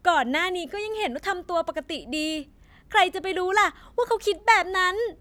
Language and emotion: Thai, angry